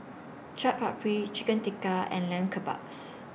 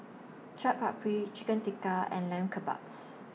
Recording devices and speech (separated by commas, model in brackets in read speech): boundary microphone (BM630), mobile phone (iPhone 6), read sentence